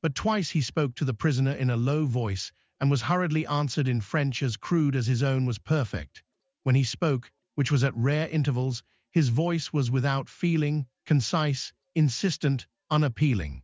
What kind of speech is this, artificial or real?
artificial